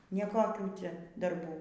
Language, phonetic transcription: Lithuanian, ne ˈkokių ˈcia darˈbų

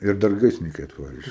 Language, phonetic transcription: Lithuanian, ir ˈdar ˈgaisrininkai atˈvare ˈiš

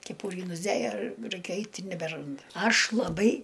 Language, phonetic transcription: Lithuanian, keˈpūrį nusˈdėja ˈraikia ˈait' i nebeˈrand ˈaš laˈbai

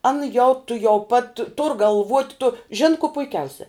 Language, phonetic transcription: Lithuanian, ˈana jau tuˈjau pat tur galˈvuot' tu žin ko puiˈkiausia

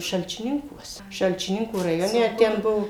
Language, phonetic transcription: Lithuanian, šalčiˈninkuos šalčiˈninkų raˈjone ˈten ˈbuo

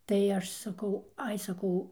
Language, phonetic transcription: Lithuanian, tai ˈaš saˈkau ˈai saˈkau

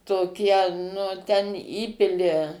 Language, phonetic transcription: Lithuanian, toˈkie nu ten ˈįpili

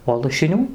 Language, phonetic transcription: Lithuanian, o lašiˈnių

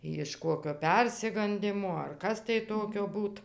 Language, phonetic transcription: Lithuanian, jiš ˈkokio ˈpersigandimo ar ˈkas tai ˈtokio ˈbūt

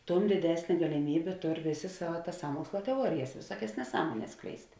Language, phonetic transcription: Lithuanian, ˈtum diˈdesnė galiˈmybė ˈtor ˈvėˌsė ˈsava ˈtas ˈsąmuoksla teˈuorijas viˈsuokias neˈsąmuones ˈskleist'

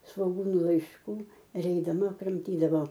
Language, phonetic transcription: Lithuanian, svoˈgūnu laišˈkų ir eidaˈma kramˈtydavo

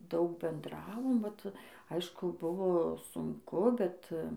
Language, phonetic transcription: Lithuanian, ˈdaug benˈdravom ˈvat ˈaišku ˈbuvo sunˈku ˈbet

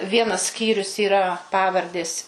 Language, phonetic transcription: Lithuanian, ˈvienas ˈskyrius yˈra ˈpavardės

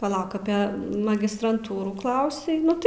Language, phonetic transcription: Lithuanian, paˈlauk apė magistranˈtūrųˈklausei ˈnu tai

